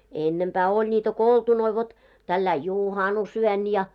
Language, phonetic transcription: Finnish, 'ennempää oĺ ńitä "koltunoi vot , tälläi "jùhanus₍'yö§n ja .
- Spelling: ennempää oli niitä koltunoita vot tällä lailla juhannusyönä ja

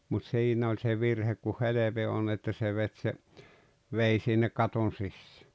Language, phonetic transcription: Finnish, mut "siinä oĺ se 'virhek ku "heleve on että se 'vet se , 'vei sinne "katon 'sissᴀ̈ .
- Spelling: mutta siinä oli se virhe kun helve on että se veti se veden sinne katon sisään

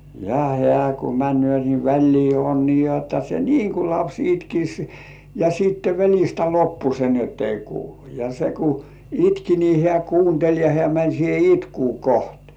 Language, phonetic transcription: Finnish, ja "heä̀ ku 'män̆§nỳö̀ ni "väĺlii on nii 'jotta se "niiŋ 'ku "laps "itkis , ja sìtte 'väl̜istä "loppu se ni ‿ott ‿ei 'kuulu , ja 'se ku "itki ni 'hĕä̀§ "kuuntel̜ ja 'hĕä̀ mäń siihe "itkuu 'koht .
- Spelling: ja hän kun menee niin väliin on niin jotta se niin kuin lapsi itkisi ja sitten välistä loppui se niin jotta ei kuulu ja se kun itki niin hän kuunteli ja hän meni siihen itkua kohti

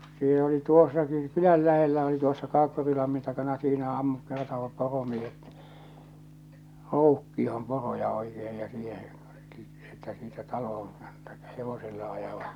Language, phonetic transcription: Finnish, sill ‿oli "tuossaki 'kyläl 'lähellä oli tuossa 'Kaakkurilammin takana siinä ammut kertoovap 'poromiehet , 'roukkioh̬om poroja oikee ja siihe , että siitä 'talohoŋ kᴀɴtᴀ- , 'hevosella ajavat .
- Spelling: sillä oli tuossakin kylän lähellä oli tuossa Kaakkurilammin takana siinä ammut kertoivat poromiehet roukkioon poroja oikein ja siihen että siitä taloon - hevosella ajavat

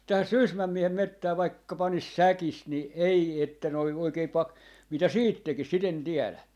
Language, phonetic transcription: Finnish, 'tähäs̆ "Sysmäm 'miehem 'mettää vaikka 'panis "säkis ni , 'ei että noi 'oikei 'pak- , 'mitä "siit 'tekis 'sit ‿en 'tiɛlä .
- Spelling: tähän Sysmän miehen metsään vaikka panisi säkissä niin ei että noin oikein - mitä sitten tekisi sitä en tiedä

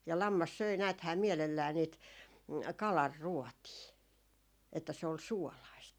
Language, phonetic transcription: Finnish, ja 'lammas 'söi 'nääthää 'miɛlellää niit "kalar'ruɔtii , että se ol "suolaist .
- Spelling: ja lammas söi näethän mielellään niitä kalanruotia että se oli suolaista

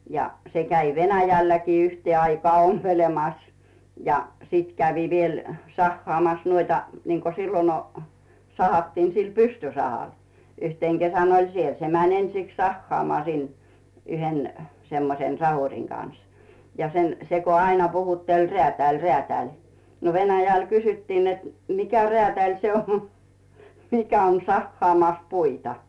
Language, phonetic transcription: Finnish, ja , 'se käi "Venäjälläkii 'yhtee aikaa 'ompelemas , ja , 'sit kävi viel , 'sahhaamas nuoita , niŋko sillon o- , 'sahattiin sil "pystysahal , 'yhteŋ Gesän oĺ "siel , 'se mäń 'ensiks sahhaamaa sin , yhen , semmosen "sahuŕiŋ kan̬s , ja sen , 'se ko aina puhutteĺ » "reä̀tä̀ĺ "reä̀tä̀ĺ « , no 'Venäjäl kysyttii net » 'mikä "reä̀tä̀ĺ se 'on , 'mikä on 'sahhaamàs "puita ? « .
- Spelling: ja se kävi Venäjälläkin yhteen aikaan ompelemassa ja sitten kävi vielä sahaamassa noita niin kuin silloin - sahattiin sillä pystysahalla yhtenä kesänä oli siellä se meni ensiksi sahaamaan sinne yhden semmoisen sahurin kanssa ja sen se kun aina puhutteli räätäli räätäli no Venäjällä kysyttiin että mikä räätäli se on mikä on sahaamassa puita

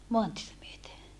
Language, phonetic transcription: Finnish, moantietä myöte .
- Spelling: maantietä myöten

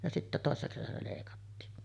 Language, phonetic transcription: Finnish, ja sittä 'tòessa kesänä lèikattiin .
- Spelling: ja sitten toisena kesänä leikattiin

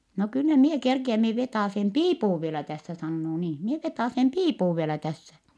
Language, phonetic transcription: Finnish, » no kyllä mie kerkiäm mie vetàsem piipuv vielä tässä » sannoo niin̬ , » mie vetàsem piipuv vielä tässä » .
- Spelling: no kyllä minä kerkiän minä vetäisen piipun vielä tässä sanoo niin minä vetäisen piipun vielä tässä

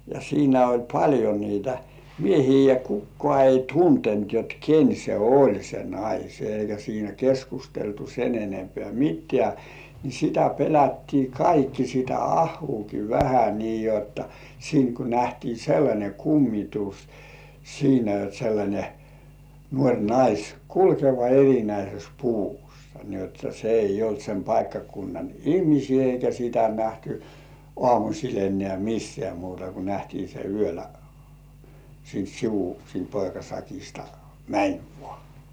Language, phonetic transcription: Finnish, ja 'siinä oĺ "paĺjo niitä "miehii ja 'kukkoà ei "tuntent jot "ken se "oĺ se 'nais eikä siinä 'keskusteltu sen ‿'enempeä̀ "mit̆§tĕä̀ , ni sitä 'pelätti "kaikki sitä "ahhuuki "vähä nii jotta , 'siiŋ ku nähtii "sellańe 'kummitus , siinä jot sellańe , 'nuoŕ 'nais , "kulkeva er̜inäises 'puvussᴀ , ni jotta se "eij̆j ‿olt sem paikkakunnan "ihmisii eikä sitä nähtʏ , "ŏàmuśil 'ennĕä̀ "missĕä̀ muuta ku 'nähtii se "yölä , siint "sivu siint 'poikasakista , "mäń 'vᴏ̆ᴀ̀ .
- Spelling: ja siinä oli paljon niitä miehiä ja kukaan ei tuntenut jotta ken se oli se nainen eikä siinä keskusteltu sen enempää mitään niin sitä pelättiin kaikki sitä ahoakin vähän niin jotta siinä kun nähtiin sellainen kummitus siinä jotta sellainen nuori nainen kulkeva erinäisessä puvussa niin jotta se ei ollut sen paikkakunnan ihmisiä eikä sitä nähty aamulla enää missään muuta kuin nähtiin se yöllä siitä sivu siitä poikasakista meni vain

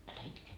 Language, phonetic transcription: Finnish, älä "itke .
- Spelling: älä itke

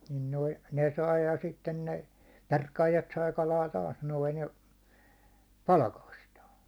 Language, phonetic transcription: Finnish, nin noi , 'ne 'sai ja 'sitten ne , "perkaajat sai 'kalaa taas noin̬ ja , "palakastaa .
- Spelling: niin noin ne sai ja sitten ne perkaajat sai kalaa taas noin ja palkastaan

